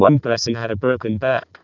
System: VC, vocoder